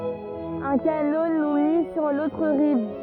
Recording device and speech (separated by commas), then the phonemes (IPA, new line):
rigid in-ear microphone, read sentence
œ̃ kano nu mi syʁ lotʁ ʁiv